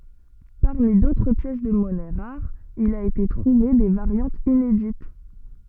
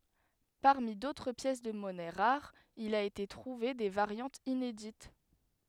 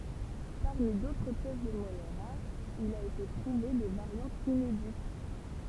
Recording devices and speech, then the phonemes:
soft in-ear microphone, headset microphone, temple vibration pickup, read sentence
paʁmi dotʁ pjɛs də mɔnɛ ʁaʁz il a ete tʁuve de vaʁjɑ̃tz inedit

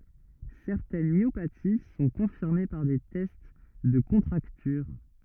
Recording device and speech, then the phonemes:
rigid in-ear microphone, read sentence
sɛʁtɛn mjopati sɔ̃ kɔ̃fiʁme paʁ de tɛst də kɔ̃tʁaktyʁ

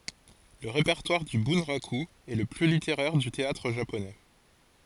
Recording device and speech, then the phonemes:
forehead accelerometer, read sentence
lə ʁepɛʁtwaʁ dy bœ̃ʁaky ɛ lə ply liteʁɛʁ dy teatʁ ʒaponɛ

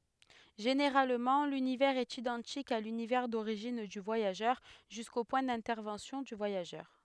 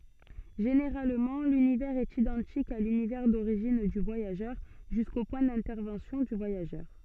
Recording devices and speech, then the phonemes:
headset microphone, soft in-ear microphone, read sentence
ʒeneʁalmɑ̃ lynivɛʁz ɛt idɑ̃tik a lynivɛʁ doʁiʒin dy vwajaʒœʁ ʒysko pwɛ̃ dɛ̃tɛʁvɑ̃sjɔ̃ dy vwajaʒœʁ

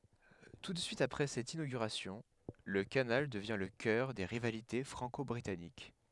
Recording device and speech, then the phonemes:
headset microphone, read sentence
tu də syit apʁɛ sɛt inoɡyʁasjɔ̃ lə kanal dəvjɛ̃ lə kœʁ de ʁivalite fʁɑ̃kɔbʁitanik

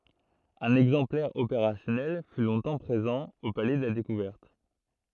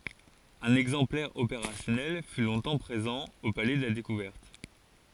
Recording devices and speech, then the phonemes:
throat microphone, forehead accelerometer, read sentence
œ̃n ɛɡzɑ̃plɛʁ opeʁasjɔnɛl fy lɔ̃tɑ̃ pʁezɑ̃ o palɛ də la dekuvɛʁt

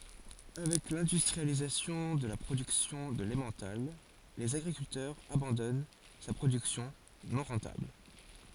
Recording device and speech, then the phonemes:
forehead accelerometer, read sentence
avɛk lɛ̃dystʁializasjɔ̃ də la pʁodyksjɔ̃ də lɑ̃mɑ̃tal lez aɡʁikyltœʁz abɑ̃dɔn sa pʁodyksjɔ̃ nɔ̃ ʁɑ̃tabl

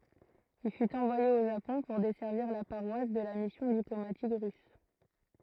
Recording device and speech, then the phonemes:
throat microphone, read sentence
il fyt ɑ̃vwaje o ʒapɔ̃ puʁ dɛsɛʁviʁ la paʁwas də la misjɔ̃ diplomatik ʁys

